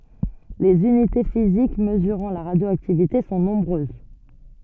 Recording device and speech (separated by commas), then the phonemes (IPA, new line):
soft in-ear microphone, read sentence
lez ynite fizik məzyʁɑ̃ la ʁadjoaktivite sɔ̃ nɔ̃bʁøz